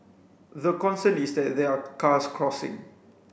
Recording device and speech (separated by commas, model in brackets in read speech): boundary microphone (BM630), read sentence